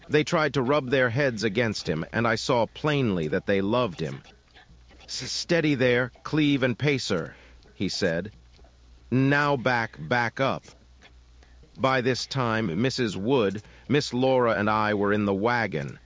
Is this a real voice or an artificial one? artificial